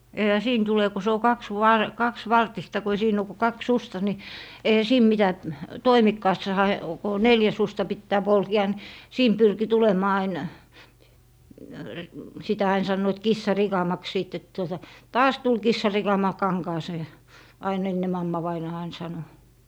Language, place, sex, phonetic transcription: Finnish, Lappee, female, 'eⁱhä "siin 'tule ku se o 'kaksvar- , 'kaksvartista ko ei 'siin ‿o ku 'kaks "susta ni , eihä "siin mitä , "toimikkaassaha , ko o "neljä 'susta 'pittää 'polke₍a nⁱ , "siin 'pyrki 'tulem̀aa ain , 'sitä ain 'sannoit "kissa'rikamaks 'sìt tuota , » "taas 'tul 'kissarikama 'kaŋkaasee » , 'ain enne 'mammavainaa ain sano .
- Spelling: eihän siinä tule kun se on - kaksivartista kun ei siinä ole kuin kaksi suksea niin eihän siinä mitä toimikkaassahan kun on neljä suksea pitää polkea niin siinä pyrki tulemaan aina sitä aina sanoivat kissanrikamaksi sitten tuota taas tuli kissanrikama kankaaseen aina ennen mammavainaa aina sanoi

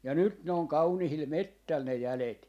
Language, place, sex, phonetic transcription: Finnish, Jaala, male, 'ja 'nyt ne 'oŋ 'kaunihil "mettäl ne 'jälet .
- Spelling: ja nyt ne on kauniilla metsällä ne jäljet

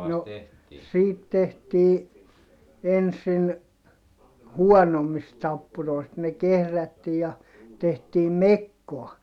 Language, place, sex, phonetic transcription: Finnish, Heinola, male, no , siit tehtii , ensin , huɔnommist tappuroi̮st ne kehrättii ja , tehtiim mekkoa .
- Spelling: no siitä tehtiin ensin huonommista tappuroista ne kehrättiin ja tehtiin mekkoa

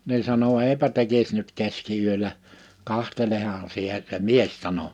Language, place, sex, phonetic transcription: Finnish, Liperi, male, ni 'sano » 'eipä 'tekis nyt 'keski₍yölä , 'kahtelehan sie « se "mies 'sano .
- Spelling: niin sanoi eipä tekisi nyt keskiyöllä katsohan sinä se mies sanoi

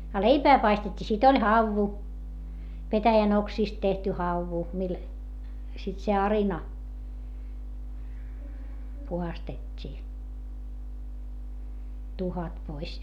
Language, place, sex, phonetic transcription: Finnish, Hietamäki, female, a leipää paistet́t́ii - sit ‿oĺ hauvu , petäjän ‿oksiist tehty hauvu mil , sit se arina , puhastet́t́ii , tuhat pois .
- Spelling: a leipää paistettiin sitten oli havu petäjän oksista tehty havu millä sitten se arina puhdistettiin tuhkat pois

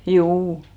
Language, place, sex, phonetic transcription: Finnish, Hinnerjoki, female, 'ʰjuu .
- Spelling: juu

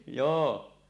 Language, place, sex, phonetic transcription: Finnish, Suomussalmi, male, 'joo .
- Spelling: joo

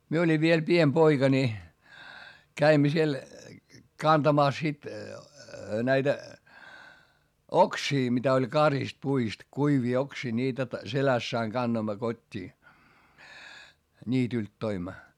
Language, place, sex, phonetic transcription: Finnish, Hietamäki, male, mie oĺiv viel piem poika ńi , käimmä siel , kantamàs sit , näitä , oksii mitä oĺ karist puist , kuivii oksii ńiitä ‿t- , seläss ‿aiŋ kannoimma kot́t́ii , ńiitylt toimma .
- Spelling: minä olin vielä pieni poika niin kävimme siellä kantamassa sitten näitä oksia mitä oli karissut puista kuivia oksia niitä - selässä aina kannoimme kotiin niityltä toimme

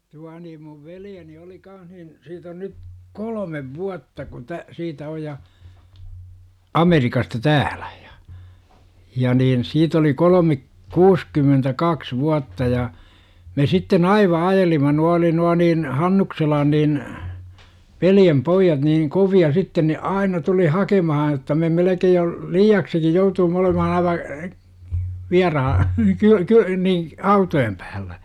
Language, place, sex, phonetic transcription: Finnish, Jurva, male, 'tua niim muv "veljeni oli 'kaanh nin , siit ‿on nyt , "kolomev 'vuatta kun tä- , 'siitä 'oj ja, , "Amerikasta 'tääLÄ JA , ja niin 'siit ‿oli 'kolome , "kuuskymmentäkaks 'vuatta ja , me sitte"n ‿ aiva 'ajelima nua oli nua niin , "Hannukselan niin , "veljempoijjat niiŋ 'kovi₍a sitten ne "aina tuli 'hakemaha jotta me 'melekej jo , "liiaksiki joutuum ‿olemaha 'aiva , 'viaraha , kyö - kyö nii , "autojem päällä .
- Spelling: tuo niin minun veljeni oli kanssa niin siitä on nyt kolme vuotta kun - siitä on ja Amerikasta täällä ja ja niin siitä oli kolme kuusikymmentäkaksi vuotta ja me sitten - aivan ajelimme nuo oli nuo niin Hannukselan niin veljenpojat niin kovia sitten ne aina tuli hakemaan jotta me melkein jo liiaksikin jouduimme olemaan aivan vieraan - - niin autojen päällä

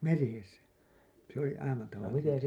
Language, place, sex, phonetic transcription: Finnish, Hailuoto, male, meresä , se ‿oli 'aina taval(lisesti) .
- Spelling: meressä se oli aina tavallisesti

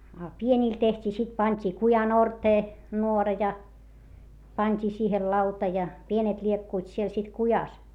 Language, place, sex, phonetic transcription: Finnish, Hietamäki, female, a pieńìl teht́ii sit pant́i kujan ‿ortee , nuora ja , pańt́ii siihel lauta ja , pienet ĺiekkuit siel sit kujas .
- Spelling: a pienille tehtiin sitten pantiin kujan orteen nuora ja pantiin siihen lauta ja pienet liekkuivat siellä sitten kujassa

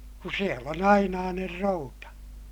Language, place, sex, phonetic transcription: Finnish, Ilmajoki, male, ku siel ‿on ‿ainaaner routa .
- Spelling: kun siellä on ainainen routa

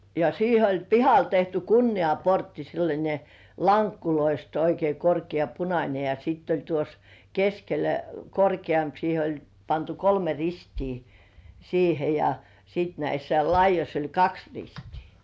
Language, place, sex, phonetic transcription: Finnish, Kurkijoki, female, ja 'siihe oĺ "pihal tehty "kunni₍aportti sellańe , 'laŋkkuloist oikei korki₍a "punańe , ja sitt ‿oĺ tuos , 'keskelä "korki₍amp 'siihe oĺ , pantu "kolme 'ristii , siihe , ja sìt näissä 'laij̆joś ‿oĺ "kaks 'ristii .
- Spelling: ja siihen oli pihalle tehty kunniaportti sellainen lankuista oikein korkea punainen ja sitten oli tuossa keskellä korkeampi siihen oli pantu kolme ristiä siihen ja sitten näissä laidoissa oli kaksi ristiä

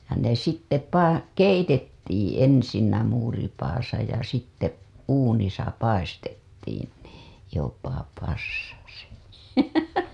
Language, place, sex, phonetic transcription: Finnish, Hailuoto, female, ja ne sitte pa- , 'keitettiiḭ ensinnä muuripaasa ja sitte , uunisa 'paistettiin NII , jopa passasi .
- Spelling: ja ne sitten - keitettiin ensin muuripadassa ja sitten uunissa paistettiin niin jopa passasi

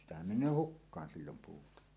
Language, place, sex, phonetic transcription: Finnish, Suomussalmi, male, sitähäm 'men̆nöö "hukkaan sillom 'puuta .
- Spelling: sitähän menee hukkaan silloin puuta

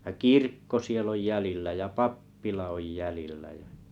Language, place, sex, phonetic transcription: Finnish, Kalajoki, male, ja "kirkko 'siel ‿oj 'jälillä ja "pappila oj 'jälillä jᴀ̈ .
- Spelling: ja kirkko siellä on jäljellä ja pappila on jäljellä ja

